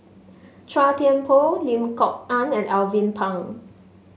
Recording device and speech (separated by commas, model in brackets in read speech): mobile phone (Samsung S8), read sentence